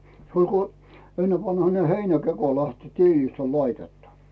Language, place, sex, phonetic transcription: Finnish, Rautu, male, se oĺ ko , 'ennevanhane "heinäkeko lähti , "tiilist ‿oĺ 'laitettu .
- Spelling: se oli kun ennenvanhainen heinäkeko lähti tiilistä oli laitettu

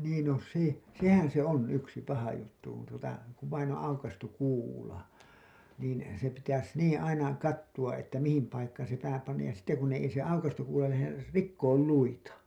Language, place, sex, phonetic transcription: Finnish, Hailuoto, male, niin no 'se , "sehän se on 'yksi paha juttu kun tuota , kuv vain ‿oo̰ 'aukastuᵏ 'kuula , niin se pitäs 'niiḭ 'aina , 'kattuWa’ ’että mihim paikkaan̬ se pää pannaj ja sitte kun ne , ei se aukastu§ kuula läher ri- , "rikkool 'luita .
- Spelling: niin no se sehän se on yksi paha juttu kun tuota kun vain on aukaistu kuula niin se pitäisi niin aina katsoa että mihin paikkaan se pää pannaan ja sitten kun ne ei se aukaistu kuula lähde - rikkoo luita

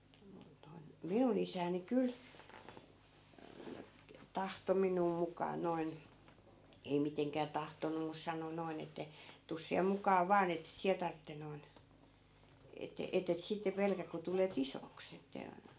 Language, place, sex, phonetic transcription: Finnish, Askola, female, mun noi̮n , "minun ‿isääni 'kyl , 'tahto 'miǹuu 'muk̀aa noi̮n , 'ei miteŋkää "tahtonnum̆ mus 'sano 'noi̮n ‿että , » tus 'siä 'muk̀aa "vaan ‿ettet 'siä tartte noi̮n , ette- , 'ettet sitte 'pelkäk̆ ku tule"t ‿isoks ‿että » .
- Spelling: minun noin minun isäni kyllä tahtoi minua mukaan noin ei mitenkään tahtonut mutta sanoi noin että tule sinä mukaan vain että et sinä tarvitse noin - että et sitten pelkää kun tulet isoksi että

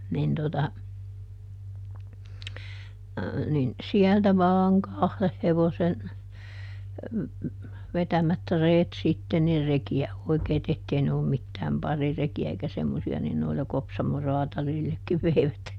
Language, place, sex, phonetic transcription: Finnish, Juupajoki, female, nin tota , nin , "siältä vaaŋ "kahleh ˈhevosen , ˈvetämät "reet sitte - nir ˈreki₍ä , ˈoikei̮t ‿ettei ne ollum mittääm ˈparireki₍ä eikä semmosi₍a - nin noila ˈKopsamo ˈrɔatalillekkiv veivät .
- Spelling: niin tuota niin sieltä vain kahden hevosen vetämät reet sitten niin rekiä oikeita että ei ne ollut mitään parirekiä eikä semmoisia niin noilla Kopsamon kraatarillekin veivät

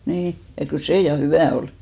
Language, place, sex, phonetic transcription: Finnish, Hinnerjoki, female, 'nii , ja kyl "sè 'ja "hyvä̀ ol .
- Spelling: niin ja kyllä se ja hyvää oli

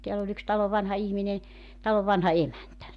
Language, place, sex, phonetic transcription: Finnish, Joutsa, female, 'teäl ‿oĺ ‿yks 'talov 'vanha 'ihminen̬ , talov 'vanha "emäntä .
- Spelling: täällä oli yksi talon vanha ihminen talon vanha emäntä

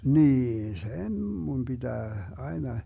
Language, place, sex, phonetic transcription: Finnish, Vermlanti, male, 'niin "sen mun 'BiDää 'aena .
- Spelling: niin sen minun pitää aina

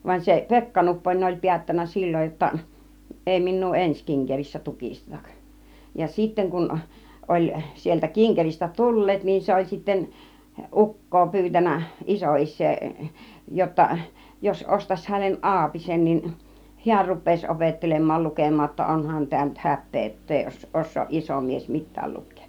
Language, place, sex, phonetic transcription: Finnish, Kiihtelysvaara, female, v°an se "Pekka Nupponen oĺ 'piättännä "sil͕l͕oj jotta , 'èi 'min̆nuu "ens kiŋkerissä "tukistetak , ja 'sitteŋ kun , oĺ , sieltä 'kiŋkeristä "tul̀leet niin , 'se oĺ sittä , "uk̀koo 'pyytän̆nä , 'iso₍is̆see , jotta , jos 'ostas (häneˀ) 'ˀaapisen nin , 'hiär rup̆pèis 'opettelem̆mal 'lukem̆maa ‿otta , 'onhan tää nyt "häp̆pee ettei 'os- , 'os̆sooˀ 'ˀiso mies "mit̆tääl 'luk̆keek .
- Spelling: vaan se Pekka Nupponen oli päättänyt silloin jotta ei minua ensi kinkerissä tukisteta ja sitten kun oli sieltä kinkeristä tulleet niin se oli sitten ukkoa pyytänyt isoisää jotta jos ostaisi hänelle aapisen niin hän rupeaisi opettelemaan lukemaan jotta onhan tämä nyt häpeä että ei - osaa iso mies mitään lukea

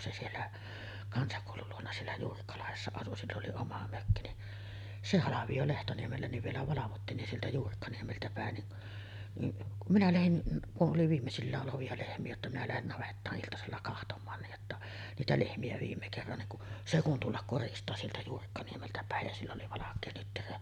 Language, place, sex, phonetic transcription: Finnish, Sotkamo, female, se siellä , 'kansakòulul luona 'siellä 'Juurikkalahessa asu sill ‿oli "oma 'mökki ni , 'se "halaviʲo 'Lehtoniemellä niv vielä 'valavottiin nin sieltä 'Juurikkaniemeltä pä̀en ni’ , ni’ , kum minä 'lähin , kuˀ 'ˀoli "viimmesillää’ ’olovi₍a 'lehmi₍ä jotta minä lähen 'navettaa’ '’iltasella kahtom̆maan niij jotta , 'niitä 'lehmi₍ä viimme kerran niŋ ku , 'se kun "tullak 'koristaa sieltä 'Juurikkaniemeltä pä̀ej jä sill ‿oli 'valak̆kee nyttyrä .
- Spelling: se siellä kansakoulun luona siellä Juurikkalahdessa asui sillä oli oma mökki niin se halvio Lehtoniemellä niin vielä valvottiin niin sieltä Juurikkaniemeltä päin niin niin kun minä lähdin kun oli viimeisillään olevia lehmiä jotta minä lähden navettaan iltasella katsomaan niin jotta niitä lehmiä viimeisen kerran niin kun se kun tulla koristaa sieltä Juurikkaniemeltä päin ja sillä oli valkea nyttyrä

